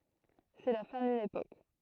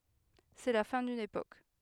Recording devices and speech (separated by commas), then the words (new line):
throat microphone, headset microphone, read sentence
C'est la fin d'une époque.